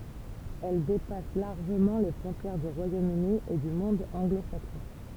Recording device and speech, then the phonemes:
temple vibration pickup, read sentence
ɛl depas laʁʒəmɑ̃ le fʁɔ̃tjɛʁ dy ʁwajom yni e dy mɔ̃d ɑ̃ɡlo saksɔ̃

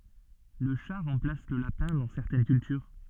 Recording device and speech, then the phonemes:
soft in-ear microphone, read sentence
lə ʃa ʁɑ̃plas lə lapɛ̃ dɑ̃ sɛʁtɛn kyltyʁ

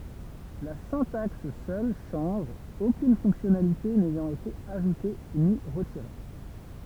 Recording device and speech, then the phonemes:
temple vibration pickup, read sentence
la sɛ̃taks sœl ʃɑ̃ʒ okyn fɔ̃ksjɔnalite nɛjɑ̃t ete aʒute ni ʁətiʁe

